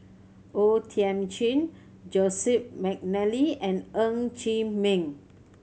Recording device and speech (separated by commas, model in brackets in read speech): mobile phone (Samsung C7100), read sentence